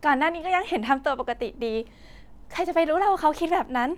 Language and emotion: Thai, happy